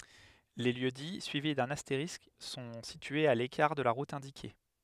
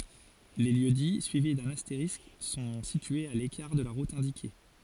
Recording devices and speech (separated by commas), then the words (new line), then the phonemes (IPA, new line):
headset microphone, forehead accelerometer, read sentence
Les lieux-dits suivis d'un astérisque sont situés à l'écart de la route indiquée.
le ljøksdi syivi dœ̃n asteʁisk sɔ̃ sityez a lekaʁ də la ʁut ɛ̃dike